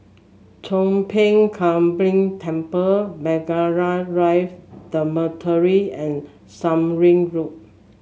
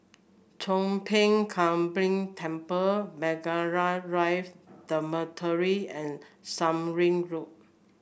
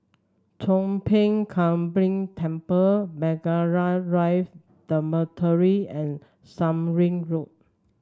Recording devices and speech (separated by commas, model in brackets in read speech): mobile phone (Samsung S8), boundary microphone (BM630), standing microphone (AKG C214), read sentence